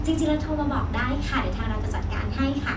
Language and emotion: Thai, happy